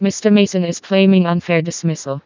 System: TTS, vocoder